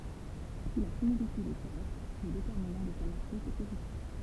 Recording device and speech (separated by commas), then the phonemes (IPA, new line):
temple vibration pickup, read sentence
si la similityd ɛ diʁɛkt lə detɛʁminɑ̃ də sa matʁis ɛ pozitif